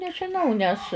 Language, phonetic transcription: Lithuanian, nežiˈnau nes

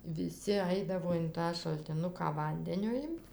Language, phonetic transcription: Lithuanian, viˈsi ˈaidavo in ˈtą šaltiˈnuką ˈvandenio ˈimt

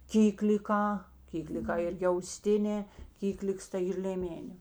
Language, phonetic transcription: Lithuanian, ˈkykliˌkā ˈkykliˌkā ˈirgi auˈstinē ˈkykliks tai ˈyr lėˈmenė

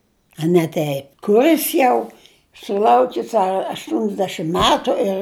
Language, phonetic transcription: Lithuanian, a ne ˈteip kuˈris jau suˈlaukis a aštunsˈdešim ˈmetu ir

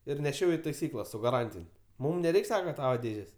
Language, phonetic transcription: Lithuanian, ir neˈšiau i taiˈsykla su gaˈrantin' ˈmum neˈreik' ˈsaka ˈtava ˈdėžės'

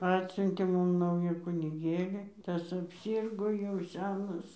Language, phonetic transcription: Lithuanian, ˈatsiuntė ˈmum ˈnaujų kuniˈgėli ˈtas apˈsirgo jau ˈsenas

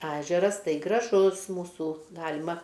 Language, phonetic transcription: Lithuanian, ˈežeras ˈtai graˈžus mūˈsų ˈgalima

